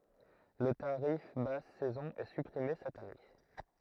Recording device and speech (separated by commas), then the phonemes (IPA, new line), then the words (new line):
throat microphone, read sentence
lə taʁif bas sɛzɔ̃ ɛ sypʁime sɛt ane
Le tarif basse saison est supprimé cette année.